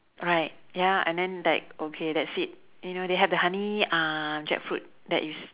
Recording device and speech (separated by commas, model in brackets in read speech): telephone, conversation in separate rooms